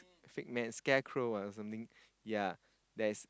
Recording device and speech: close-talking microphone, conversation in the same room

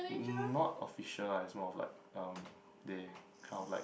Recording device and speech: boundary microphone, conversation in the same room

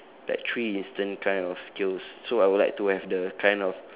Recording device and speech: telephone, conversation in separate rooms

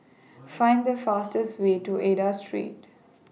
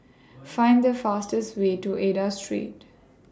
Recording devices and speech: mobile phone (iPhone 6), standing microphone (AKG C214), read sentence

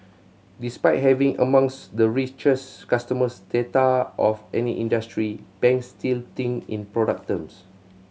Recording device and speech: mobile phone (Samsung C7100), read sentence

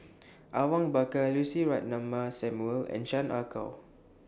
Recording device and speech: standing microphone (AKG C214), read sentence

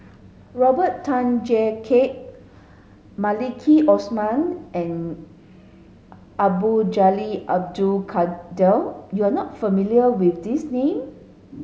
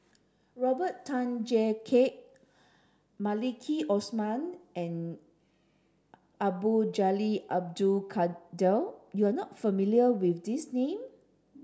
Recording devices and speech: mobile phone (Samsung S8), standing microphone (AKG C214), read sentence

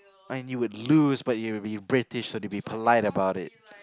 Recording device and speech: close-talking microphone, conversation in the same room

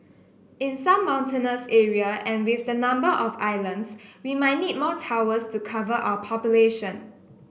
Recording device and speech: boundary microphone (BM630), read sentence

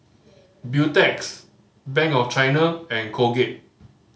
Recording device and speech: mobile phone (Samsung C5010), read sentence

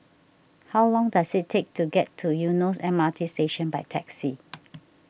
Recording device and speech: boundary microphone (BM630), read sentence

